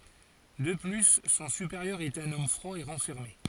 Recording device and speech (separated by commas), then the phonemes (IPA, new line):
forehead accelerometer, read sentence
də ply sɔ̃ sypeʁjœʁ ɛt œ̃n ɔm fʁwa e ʁɑ̃fɛʁme